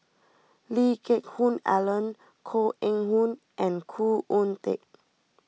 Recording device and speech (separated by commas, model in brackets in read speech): mobile phone (iPhone 6), read sentence